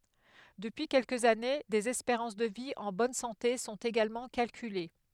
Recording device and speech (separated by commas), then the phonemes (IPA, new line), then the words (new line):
headset microphone, read sentence
dəpyi kɛlkəz ane dez ɛspeʁɑ̃s də vi ɑ̃ bɔn sɑ̃te sɔ̃t eɡalmɑ̃ kalkyle
Depuis quelques années, des espérances de vie en bonne santé sont également calculées.